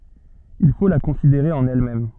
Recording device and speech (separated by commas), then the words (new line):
soft in-ear microphone, read sentence
Il faut la considérer en elle-même.